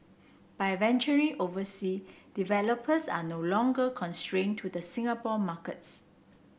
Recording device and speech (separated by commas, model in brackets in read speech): boundary microphone (BM630), read sentence